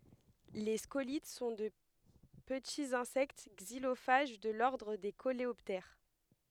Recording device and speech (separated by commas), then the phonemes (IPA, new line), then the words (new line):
headset microphone, read sentence
le skolit sɔ̃ də pətiz ɛ̃sɛkt ɡzilofaʒ də lɔʁdʁ de koleɔptɛʁ
Les scolytes sont de petits insectes xylophages de l'ordre des coléoptères.